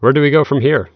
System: none